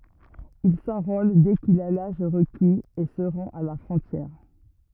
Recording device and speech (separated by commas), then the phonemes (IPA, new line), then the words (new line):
rigid in-ear microphone, read sentence
il sɑ̃ʁol dɛ kil a laʒ ʁəkiz e sə ʁɑ̃t a la fʁɔ̃tjɛʁ
Il s'enrôle dès qu'il a l'âge requis, et se rend à la frontière.